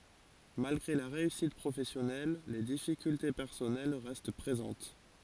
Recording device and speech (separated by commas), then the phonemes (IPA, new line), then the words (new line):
forehead accelerometer, read sentence
malɡʁe la ʁeysit pʁofɛsjɔnɛl le difikylte pɛʁsɔnɛl ʁɛst pʁezɑ̃t
Malgré la réussite professionnelle, les difficultés personnelles restent présentes.